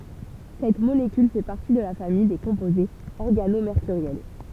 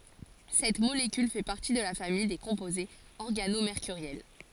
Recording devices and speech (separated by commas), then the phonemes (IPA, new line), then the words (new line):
temple vibration pickup, forehead accelerometer, read sentence
sɛt molekyl fɛ paʁti də la famij de kɔ̃pozez ɔʁɡanomeʁkyʁjɛl
Cette molécule fait partie de la famille des composés organomércuriels.